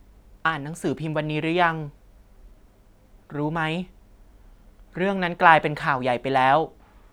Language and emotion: Thai, neutral